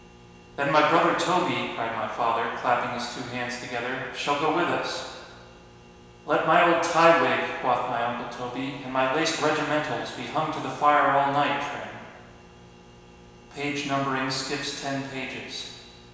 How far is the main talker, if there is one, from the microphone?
1.7 m.